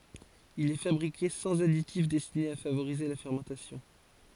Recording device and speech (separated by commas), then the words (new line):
forehead accelerometer, read sentence
Il est fabriqué sans additif destiné à favoriser la fermentation.